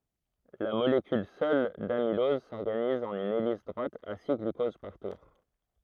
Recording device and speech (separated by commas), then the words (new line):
throat microphone, read sentence
La molécule seule d'amylose s'organise en une hélice droite à six glucoses par tour.